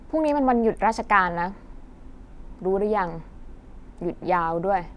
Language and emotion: Thai, frustrated